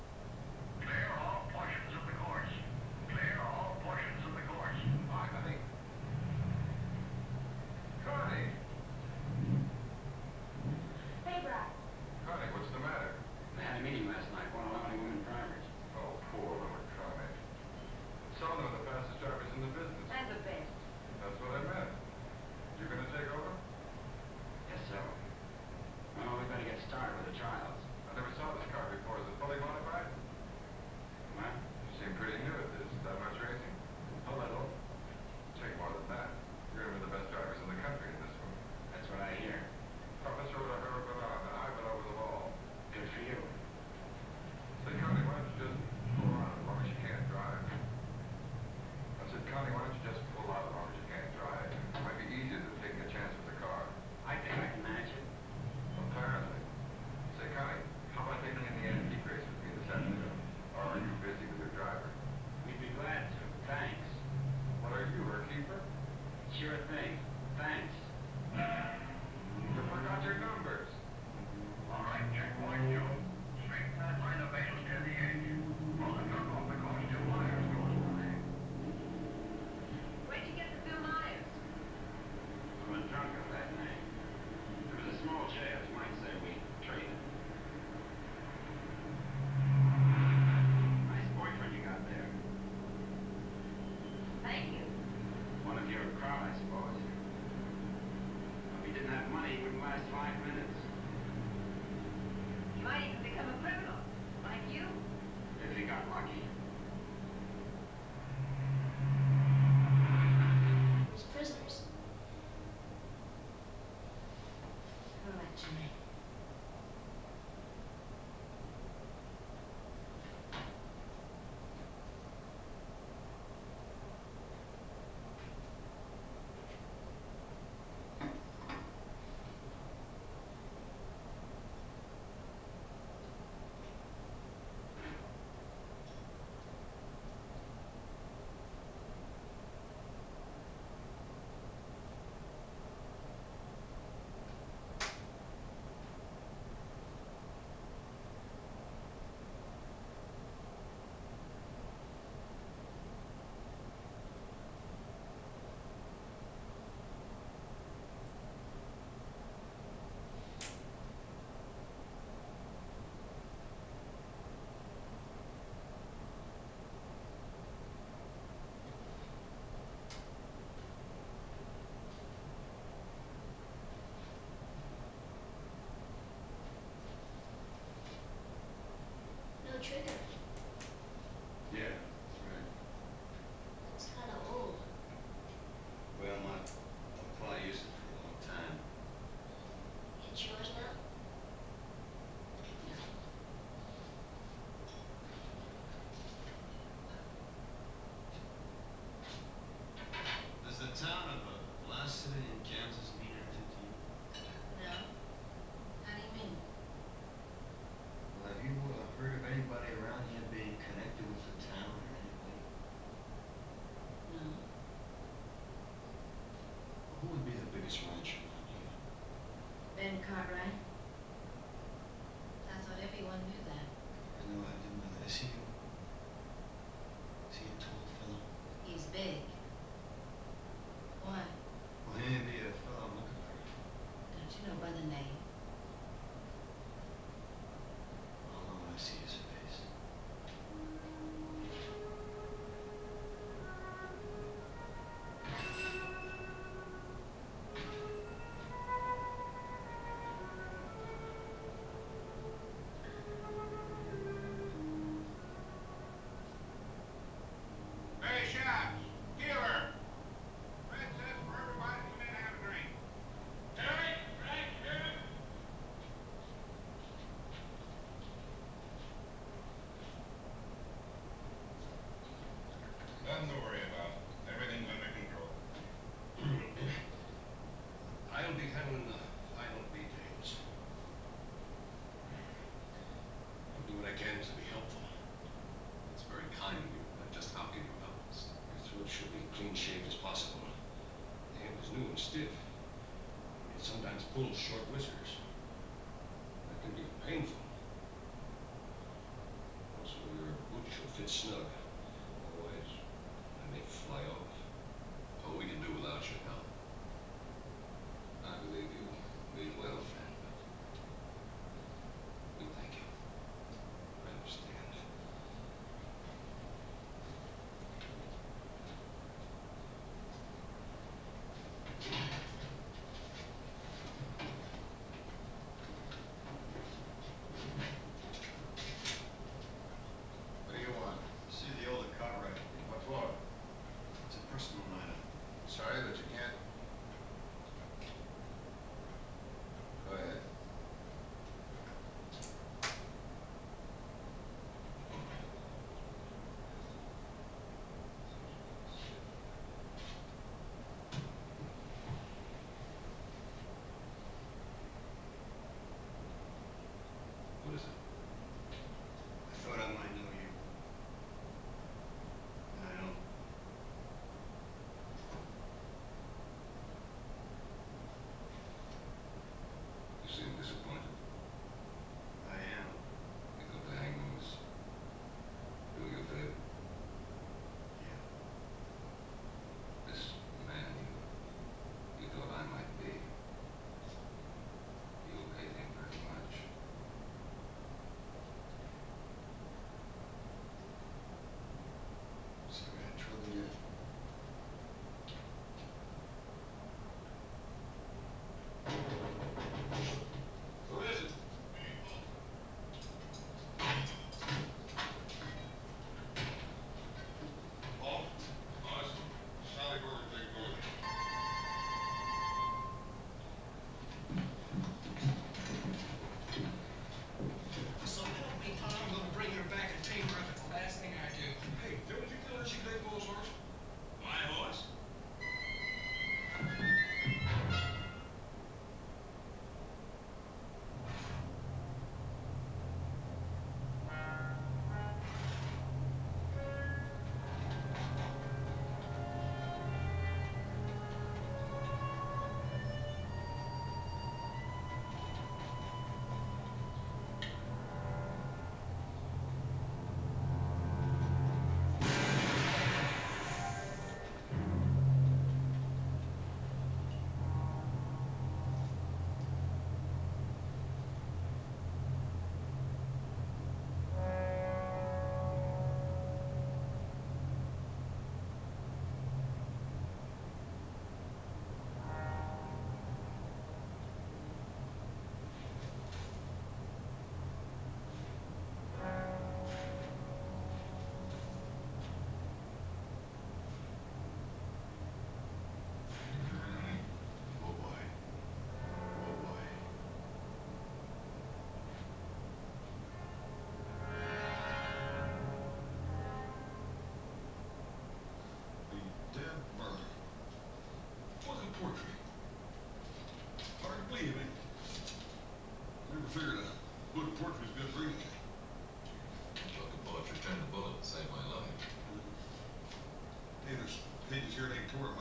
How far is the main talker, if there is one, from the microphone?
No main talker.